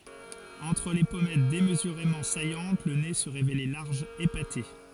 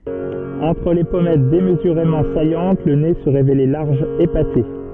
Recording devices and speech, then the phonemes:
forehead accelerometer, soft in-ear microphone, read sentence
ɑ̃tʁ le pɔmɛt demzyʁemɑ̃ sajɑ̃t lə ne sə ʁevelɛ laʁʒ epate

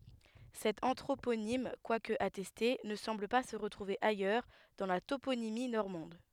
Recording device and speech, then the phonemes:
headset microphone, read sentence
sɛt ɑ̃tʁoponim kwak atɛste nə sɑ̃bl pa sə ʁətʁuve ajœʁ dɑ̃ la toponimi nɔʁmɑ̃d

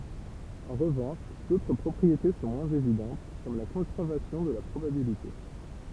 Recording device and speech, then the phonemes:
temple vibration pickup, read sentence
ɑ̃ ʁəvɑ̃ʃ dotʁ pʁɔpʁiete sɔ̃ mwɛ̃z evidɑ̃t kɔm la kɔ̃sɛʁvasjɔ̃ də la pʁobabilite

